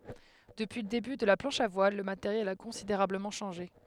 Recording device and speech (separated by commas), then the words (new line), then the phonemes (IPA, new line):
headset microphone, read sentence
Depuis le début de la planche à voile, le matériel a considérablement changé.
dəpyi lə deby də la plɑ̃ʃ a vwal lə mateʁjɛl a kɔ̃sideʁabləmɑ̃ ʃɑ̃ʒe